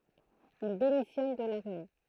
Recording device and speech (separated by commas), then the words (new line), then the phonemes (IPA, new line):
throat microphone, read sentence
Il démissionne de l'armée.
il demisjɔn də laʁme